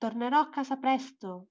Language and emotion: Italian, neutral